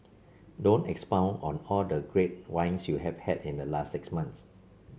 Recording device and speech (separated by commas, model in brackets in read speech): mobile phone (Samsung C7), read sentence